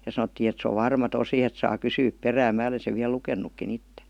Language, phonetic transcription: Finnish, ja 'sanottii et se ov "varma 'tosi et saa "kysyyp 'perääm 'mää ole sev viäl "luken̆nukkin 'itte .
- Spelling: ja sanottiin että se on varma tosi että saa kysyä perään minä olen sen vielä lukenutkin itse

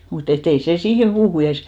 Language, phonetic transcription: Finnish, mut ‿et't ‿ei 'sè 'siihe(m 'puuhu eres) ,.
- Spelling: mutta että ei se siihen puuhun edes

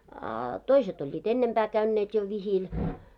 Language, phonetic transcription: Finnish, a , "toiset oĺĺiit "ennempää 'käynneet jo 'vihil .
- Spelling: a toiset olivat ennempää käyneet jo vihillä

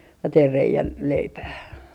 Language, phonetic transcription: Finnish, 'teir 'rei₍än , 'leipää .
- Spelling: tein reiän leipään

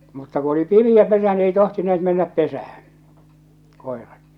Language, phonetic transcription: Finnish, mutta ku oli 'pimi₍ä 'pesä ni ei 'tohtineet 'mennäp 'pesähᴀ̈ɴ , 'kòerat .
- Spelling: mutta kun oli pimeä pesä niin ei tohtineet mennä pesään koirat

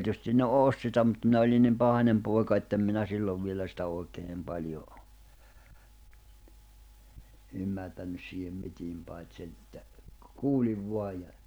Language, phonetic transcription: Finnish, oᵏ 'tietystin ne "òst sitä mut minä oĺin nim 'pahańem pòi̬ka ettem 'minä 'sillov vielä sitä 'òikee (nim) 'paĺjo , 'ymmärtännys siihem 'mitiim pàit senⁿ ‿että , 'kuuĺiv 'voaj ja ,.
- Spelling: ole tietysti ne osti sitä mutta minä olin niin pahainen poika että en minä silloin vielä sitä oikein niin paljon ymmärtänyt siihen mitään paitsi sen että kuulin vain ja

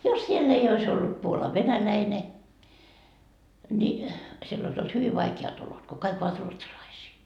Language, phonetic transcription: Finnish, jos 'siell ‿ei ois ollut 'Puolav "venäläine , ńi , siell ‿ois olt "hyviv 'vaike₍at olot , ko 'kaik ‿ovat "ruotsalaisii .
- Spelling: jos siellä ei olisi ollut Puolan venäläinen niin siellä olisi ollut hyvin vaikeat olot kun kaikki ovat ruotsalaisia

